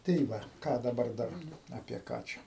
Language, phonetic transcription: Lithuanian, tai ˈva ˈką daˈbar ˈdar apie ˈką čia

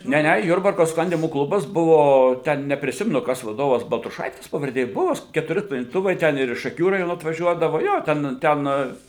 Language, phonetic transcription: Lithuanian, ˈne ˈne ˈjurbarko ˈsklandymo ˈklubas ˈbuvo ˈten nepriˈsimenu ˈkas vaˈdovas baltruˈšaitis pavarˈdė ˈbuo s ketuˈri sklandyˈtuvai ˈten ir iš šaˈkių raˈjono atvaˈžiuodavo ˈjo ˈten ˈten

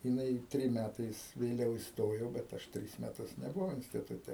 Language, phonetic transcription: Lithuanian, jiˈnai ˈtrim ˈmætais vėˈliau isˈtojo bet ˈaš ˈtris meˈtus nebuˈvau instituˈte

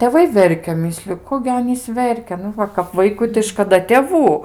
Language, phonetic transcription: Lithuanian, tėˈvai ˈverkia ˈmisliu ˈko gi ˈanys ˈverkia ˈnu ˈva kap ˈvaikui tai škaˈda tėˈvų

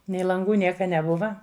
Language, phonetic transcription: Lithuanian, nei lanˈgų ˈnieka neˈbuva

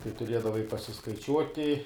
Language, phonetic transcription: Lithuanian, tai tuˈriedavai pasiskaiˈčiuoti

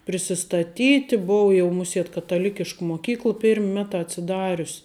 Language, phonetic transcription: Lithuanian, prisistaˈtyti ˈbov jau ˈmuˌsiet kataˈlikišk moˈkykl ˈpirm' ˈmeˌtā atsiˈdarius

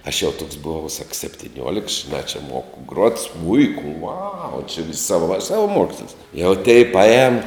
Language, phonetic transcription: Lithuanian, aš jau toks buˈvau sak septiˈniuoliks žiˈnā čia ˈmoku gruot ˈsmuiku uau či vis' ˈsava savaˈmuokslis jau tei paˈēn

